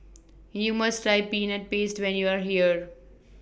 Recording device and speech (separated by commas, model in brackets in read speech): boundary microphone (BM630), read sentence